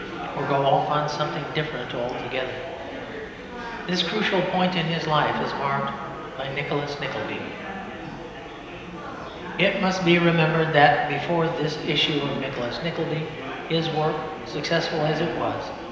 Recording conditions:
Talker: one person; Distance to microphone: 1.7 m; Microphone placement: close; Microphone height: 1.0 m; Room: very reverberant, large; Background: babble

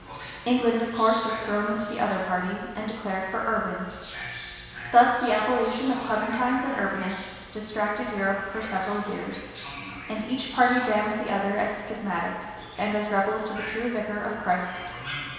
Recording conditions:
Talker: one person; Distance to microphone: 1.7 m; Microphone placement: close; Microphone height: 1.0 m; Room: very reverberant, large; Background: television

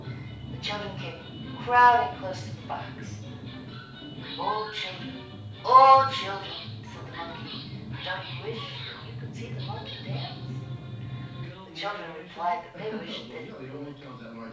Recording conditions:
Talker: one person; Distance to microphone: 5.8 m; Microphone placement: far; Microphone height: 1.8 m; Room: medium-sized (5.7 m by 4.0 m); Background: television

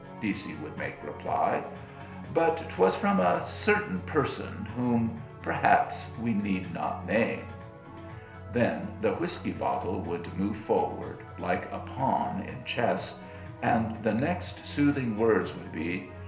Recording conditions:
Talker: one person; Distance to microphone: 1.0 m; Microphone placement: close; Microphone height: 1.1 m; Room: small (3.7 m by 2.7 m); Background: music

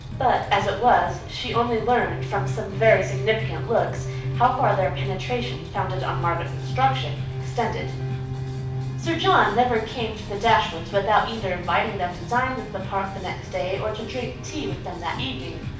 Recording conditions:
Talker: one person; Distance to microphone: 5.8 m; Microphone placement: far; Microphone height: 1.8 m; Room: medium-sized (5.7 m by 4.0 m); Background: music

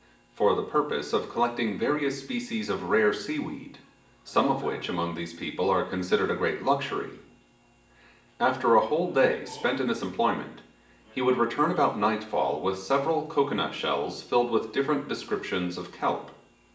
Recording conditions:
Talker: one person; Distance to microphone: 1.8 m; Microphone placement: close; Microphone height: 1.0 m; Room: large; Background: television

